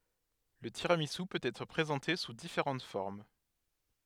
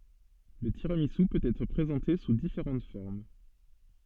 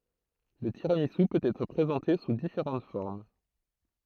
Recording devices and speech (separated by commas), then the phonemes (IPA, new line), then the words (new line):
headset microphone, soft in-ear microphone, throat microphone, read sentence
lə tiʁamizy pøt ɛtʁ pʁezɑ̃te su difeʁɑ̃t fɔʁm
Le tiramisu peut être présenté sous différentes formes.